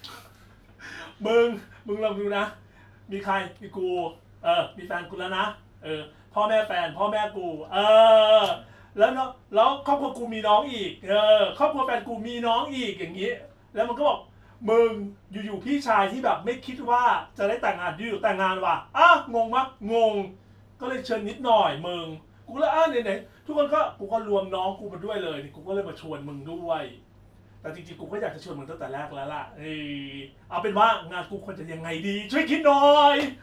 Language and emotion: Thai, happy